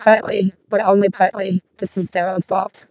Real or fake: fake